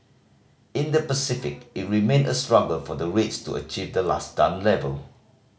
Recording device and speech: mobile phone (Samsung C5010), read sentence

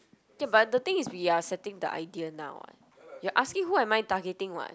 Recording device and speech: close-talking microphone, conversation in the same room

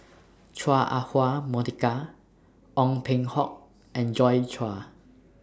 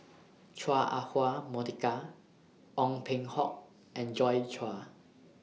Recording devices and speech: standing microphone (AKG C214), mobile phone (iPhone 6), read sentence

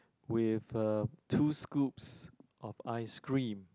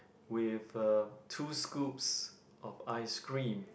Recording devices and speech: close-talking microphone, boundary microphone, conversation in the same room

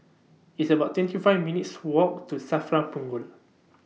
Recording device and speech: mobile phone (iPhone 6), read sentence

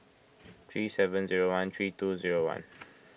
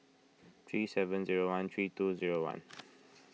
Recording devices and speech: boundary microphone (BM630), mobile phone (iPhone 6), read sentence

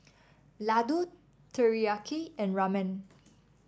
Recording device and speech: standing microphone (AKG C214), read sentence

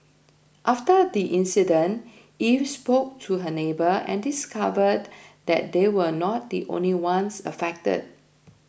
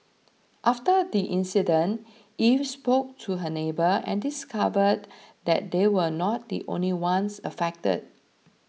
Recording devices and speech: boundary microphone (BM630), mobile phone (iPhone 6), read sentence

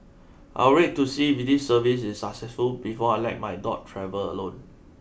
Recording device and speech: boundary microphone (BM630), read sentence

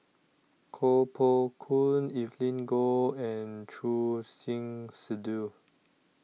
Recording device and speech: mobile phone (iPhone 6), read sentence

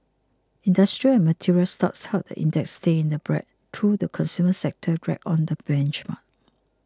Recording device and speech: close-talking microphone (WH20), read sentence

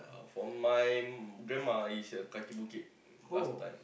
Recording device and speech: boundary microphone, conversation in the same room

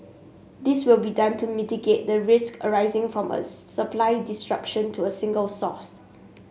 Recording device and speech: mobile phone (Samsung S8), read sentence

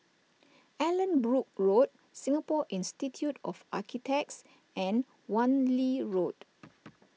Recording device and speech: mobile phone (iPhone 6), read sentence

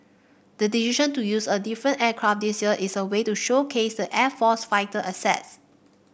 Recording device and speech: boundary microphone (BM630), read sentence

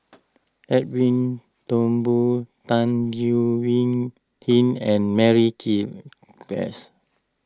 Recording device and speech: close-talking microphone (WH20), read sentence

